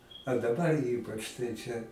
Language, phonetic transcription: Lithuanian, a daˈbar ˈypač tai ˈčia

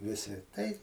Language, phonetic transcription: Lithuanian, ˈvisi tai

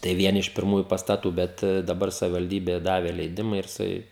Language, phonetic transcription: Lithuanian, tai ˈvieni iš pirˈmųju pastaˈtų ˈbet daˈbar savivalˈdybė ˈdavė leiˈdima ir jiˈsai

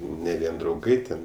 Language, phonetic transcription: Lithuanian, ne ˈvien drauˈgai ten

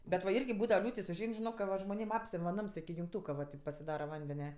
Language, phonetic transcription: Lithuanian, bet va ˈirgi ˈbūdava ˈliūtis užˈein žiˈnok ka ˈva žmoˈnėm ˈapsem' va ˈnams iki jungˈtūka va taip pasiˈdara ˈvandenia

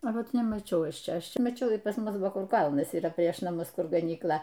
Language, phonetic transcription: Lithuanian, a ˈvat nemaˈčiau ˈaš ˈčia ˈaš ˈčia maˈčiau ir pas ˈmus buvo ˈkur ˈkalnas yˈra prieš naˈmus ˈkur ganykˈla

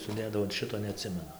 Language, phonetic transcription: Lithuanian, suˈdėdavo an ˈšito neˈatsimenu

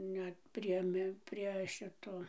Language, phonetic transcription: Lithuanian, ˈnet prie ˈmi prie ˈšito

